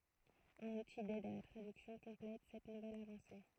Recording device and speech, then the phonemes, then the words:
throat microphone, read sentence
œ̃n uti dɛd a la tʁadyksjɔ̃ kɔ̃plɛt sɛt nuvɛl avɑ̃se
Un outil d'aide à la traduction complète cette nouvelle avancée.

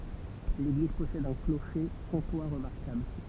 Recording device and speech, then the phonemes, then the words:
temple vibration pickup, read sentence
leɡliz pɔsɛd œ̃ kloʃe kɔ̃twa ʁəmaʁkabl
L'église possède un clocher comtois remarquable.

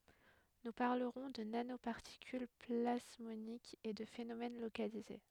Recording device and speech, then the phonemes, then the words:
headset microphone, read sentence
nu paʁləʁɔ̃ də nanopaʁtikyl plasmonikz e də fenomɛn lokalize
Nous parlerons de nanoparticules plasmoniques et de phénomène localisé.

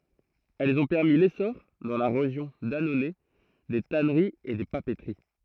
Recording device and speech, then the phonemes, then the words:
throat microphone, read sentence
ɛlz ɔ̃ pɛʁmi lesɔʁ dɑ̃ la ʁeʒjɔ̃ danonɛ de tanəʁiz e de papətəʁi
Elles ont permis l'essor, dans la région d'Annonay, des tanneries et des papeteries.

